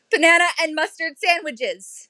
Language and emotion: English, fearful